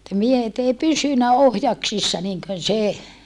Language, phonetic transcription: Finnish, ne miehet ‿ei pysynä ohjaksissa niŋkön se .
- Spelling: ne miehet ei pysynyt ohjaksissa niin kuin se

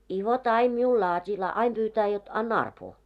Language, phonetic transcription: Finnish, i 'vot aim 'miul laat́ii , la- , 'aim ʙyytää jot , '’§anna 'arpoo .
- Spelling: i vot aina minulle laatii - aina pyytää jotta anna arpoa

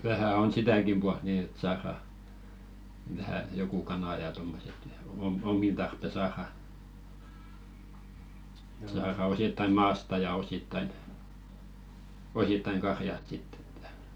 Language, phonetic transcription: Finnish, vähä̀ 'on "sitä̀kim ʙualt nii et 'saara , vähä 'joku "kanà ja tommoset ja , om- "ommin tarppe 'saara , saara 'osittaⁱ "maasta ja osittain , 'osittaiŋ "karjast sitt ‿ᴇttᴀ̈ .
- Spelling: vähän on sitäkin puolta niin että saadaan vähän joku kana ja tuommoiset ja - omiin tarpeen saadaan saadaan osittain maasta ja osittain osittain karjasta sitten että

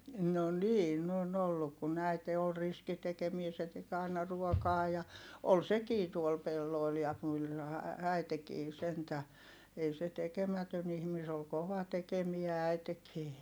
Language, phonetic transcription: Finnish, no niin ‿on ‿olluk kun ‿äite ol riski tekemie se tek ‿ài̮na ruɔkaa ja , ol sekii tuol pellòi̮l ja (kylhää) äitekii sentä , ei se tekemätön ‿ihmi se ol kova tekemiä äitekii .
- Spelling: no niin on ollut kun äiti oli riski tekemään se teki aina ruokaa ja oli sekin tuolla pelloilla ja kyllähän äitikin sentään ei se tekemätön ihminen se oli kova tekemään äitikin

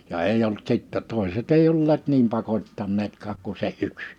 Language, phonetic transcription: Finnish, ja 'eij ‿olt sìttɛ 'tòeset eij ‿olleet 'niim 'pakot́tanneetkaak ku se '’yks .
- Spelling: ja ei ollut sitten toiset ei olleet niin pakottaneetkaan kuin se yksi

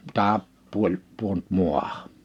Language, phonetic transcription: Finnish, 'tää , 'puoĺ , 'puont 'mu̬ahᴀ .
- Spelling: tämä puoli pudonnut maahan

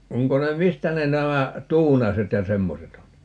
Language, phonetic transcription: Finnish, 'oŋko ne "mistä ne 'nämä , "Tuunaset ja "semmoset ‿on ?
- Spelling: onko ne mistä ne nämä Tuunaset ja semmoiset on

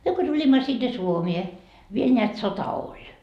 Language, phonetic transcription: Finnish, 'myö ko tuĺimma sinne "Suomie , viel neät 'sota "oĺ .
- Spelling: me kun tulimme sinne Suomeen vielä näet sota oli

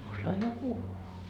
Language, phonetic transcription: Finnish, » osajaa "puhhuu . »
- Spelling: osaa puhua

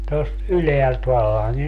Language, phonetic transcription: Finnish, tost "yleält 'vallaŋkin .
- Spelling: tuosta ylhäältä vallankin

